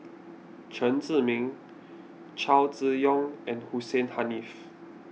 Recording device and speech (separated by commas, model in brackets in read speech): mobile phone (iPhone 6), read sentence